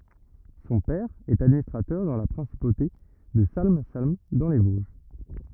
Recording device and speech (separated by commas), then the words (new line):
rigid in-ear microphone, read sentence
Son père est administrateur dans la principauté de Salm-Salm dans les Vosges.